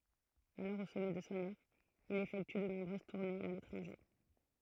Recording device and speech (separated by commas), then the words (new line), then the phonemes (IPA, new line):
throat microphone, read sentence
Alors au sommet de son art, il effectue de nombreuses tournées à l'étranger.
alɔʁ o sɔmɛ də sɔ̃ aʁ il efɛkty də nɔ̃bʁøz tuʁnez a letʁɑ̃ʒe